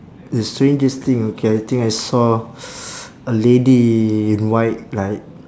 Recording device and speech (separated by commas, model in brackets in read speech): standing microphone, conversation in separate rooms